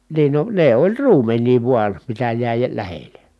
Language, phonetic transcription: Finnish, niin no , ne oĺ ruumen̆nii vuan̬ , mitä jä̀i j- lähele .
- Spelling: niin no ne oli ruumenia vain mitä jäi - lähelle

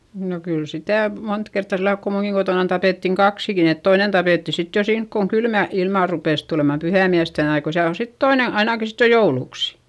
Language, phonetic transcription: Finnish, no kyl sitä̀ , mont kertta sillalk ko muuŋkiŋ Gotònan tapèttiŋ kaksikin ‿et toinen tapètti sit jo siink koŋ kylmä ilmà rupès tulemam pyhä̀miästen ‿ai- ko siäl ‿o sit toine , ainàki sit jo joulùks .
- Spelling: no kyllä sitä monta kertaa sillä lailla kun minunkin kotonani tapettiin kaksikin että toinen tapettiin sitten jo siinä kun kylmä ilma rupesi tulemaan pyhäinmiesten - kun siellä on sitten toinen ainakin sitten jo jouluksi

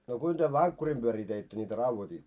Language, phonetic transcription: Finnish, no 'kuin työ "vaŋkkurim ʙyörii teittö ńitä 'rauvotiitto ?
- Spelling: no kuinka työ vankkurin pyöriä teitte niitä raudoititte

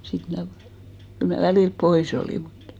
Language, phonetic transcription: Finnish, 'sit mnä̀ , 'kyl mä 'välìlp "poi's ‿olì muttᴀ ,.
- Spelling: sitten minä kyllä minä välillä pois olin mutta

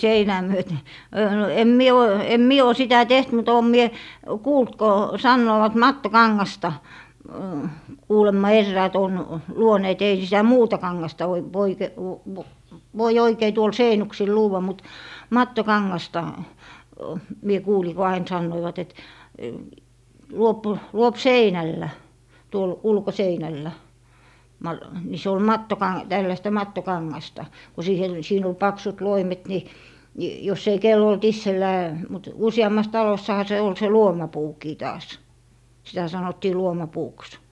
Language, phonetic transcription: Finnish, "seinää 'myöte , öö , no , em 'mie o , 'em 'mie o 'sitä "teht mut 'òm mie , 'kuult ko , 'sannoovat "matto'kaŋŋasta , kuulemma 'erräät ‿on , 'luoneet ei sitä "muuta 'kaŋŋasta oi - voike- , v - v - 'voi 'oikei tuol 'seinuksil "luuwwa mut , "mattokaŋŋasta , mie 'kuuli ko 'ain 'sannoivat et , 'luop , 'luop "seinällä , tuol "ulkoseinällä , ma- , ni se ol "mattoka- , tällästä 'matto'kaŋŋasta , ko 'siihe , siin ‿ol 'paksut 'loimet ni , ni jos ‿ei 'kel'l ‿olt 'issellää , mut 'usi₍ammas 'talossaha se ol 'se "luomapuukii taas , sitä 'sanottii 'luoma"puuks .
- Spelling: seinää myöten - no en minä ole en minä ole sitä tehnyt mutta olen minä kuullut kun sanovat mattokangasta kuulemma eräät on luoneet ei sitä muuta kangasta - - - - voi oikein tuolla seinuksilla luoda mutta mattokangasta minä kuulin kun aina sanoivat että luo luo seinällä tuolla ulkoseinällä - niin se oli - tällaista mattokangasta kun siihen siinä oli paksut loimet niin niin jos ei kenellä ollut itsellään mutta useammassa talossahan se oli se luomapuukin taas sitä sanottiin luomapuuksi

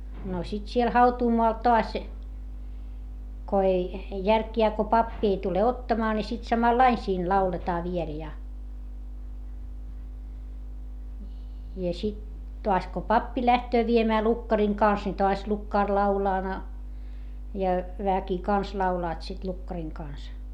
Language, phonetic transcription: Finnish, no sit siel hautuumoal toas , ko ei , järkjää ko pappi ei tule ottaamaa ni sit samallain siin lauletaa viel ja , ja sit , toas ko pappi lähtöö viemää lukkariŋ kàns ni toas lukkàr laulaa na , ja , väki kans laulaat sit lukkariŋ kàns .
- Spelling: no sitten siellä hautuumaalla taas kun ei järkiään kun pappi ei tule ottamaan niin sitten samalla lailla siinä lauletaan vielä ja ja sitten taas kun pappi lähtee viemään lukkarin kanssa niin taas lukkari laulaa na ja väki kanssa laulavat sitten lukkarin kanssa

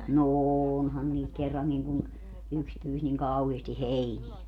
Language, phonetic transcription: Finnish, no "ooonhan niit 'kerraŋŋiŋ kun , 'yks pyys niŋ 'kauheesti "heiniɛ .
- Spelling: no onhan niitä kerrankin kun yksi pyysi niin kauheasti heiniä

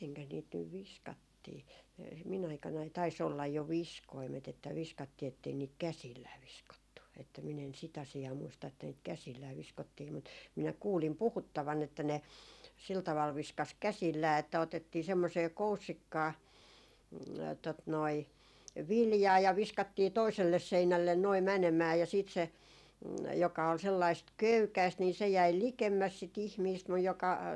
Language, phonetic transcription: Finnish, 'miteŋkäs niit nyv "viskattii , mi- min ‿aikanai tais 'ollaj jo "viskoimet että 'viskattii ettei niit "käsillää 'viskottu , että min ‿en 'sit ‿asi₍aa 'muista että niit "käsillää 'viskottii mut , minä 'kuulim 'puhuttavan että ne , sil taval 'viskas "käsillää että otettii 'semmosee "koussikkaa , tot noi "viljaa ja 'viskattii 'toiselles 'seinällen noi 'mänemää ja siit se , joka ol sellaist "köykäist nii se jäi "likemmäs si't ‿ihmiist muj joka ,.
- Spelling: mitenkäs niitä nyt viskattiin - minun aikanani taisi olla jo viskoimet että viskattiin että ei niitä käsillään viskottu että minä en sitä asiaa muista että niitä käsillään viskottiin mutta minä kuulin puhuttavan että ne sillä tavalla viskasi käsillään että otettiin semmoiseen koussikkaan tuota noin viljaa ja viskattiin toiselle seinälle nuo menemään ja sitten se joka oli sellaista köykäistä niin se jäi likemmäs sitä ihmistä mutta joka

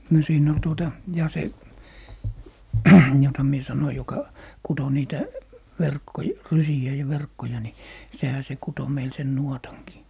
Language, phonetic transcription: Finnish, no , 'siin ‿ol 'tuota , ja 'se , 'jota mie 'sanoi joka 'kuto niitä , 'verkkoj- , "rysi₍ä ja "verkkoja ni , 'sehä se 'kuto meil sen "nuotaŋkii .
- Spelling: no siinä oli tuota ja se jota minä sanoin joka kutoi niitä - rysiä ja verkkoja niin sehän se kutoi meille sen nuotankin

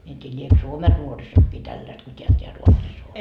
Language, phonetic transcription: Finnish, mie en t́ii liek "Suomen 'nuorisokkii tälläst ko t́eä t́eäl 'Ruotsis ‿on .
- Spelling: minä en tiedä liekö Suomen nuorisokin tällaista kuin tämä täällä Ruotsissa on

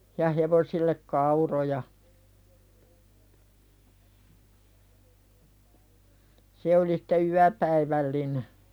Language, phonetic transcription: Finnish, ja 'hevosillek "kauroja , 'se oli sᴵte "yäpäivälline .
- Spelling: ja hevosille kauroja se oli sitten yöpäivällinen

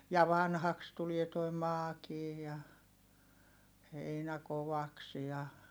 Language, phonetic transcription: Finnish, ja vanhaks tulie toi maakii ja , heinä kovaks ja , .
- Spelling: ja vanhaksi tulee tuo maakin ja heinä kovaksi ja

